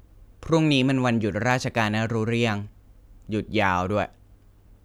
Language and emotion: Thai, neutral